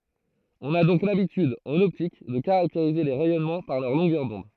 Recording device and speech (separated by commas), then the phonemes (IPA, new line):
throat microphone, read sentence
ɔ̃n a dɔ̃k labityd ɑ̃n ɔptik də kaʁakteʁize le ʁɛjɔnmɑ̃ paʁ lœʁ lɔ̃ɡœʁ dɔ̃d